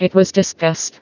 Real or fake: fake